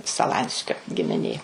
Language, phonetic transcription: Lithuanian, saˈlanskio gimiˈnė

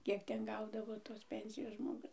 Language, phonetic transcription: Lithuanian, ˈkiek ˈten ˈgaudavo tos ˈpensijos žmoˈgus

